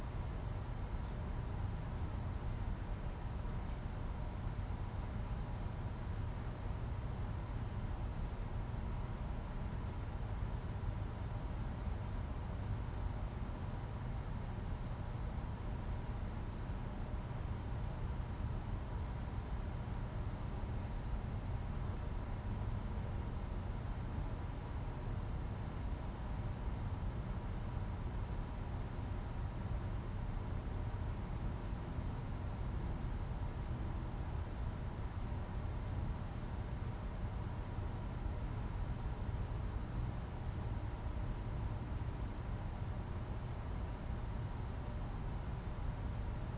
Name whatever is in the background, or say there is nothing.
Nothing.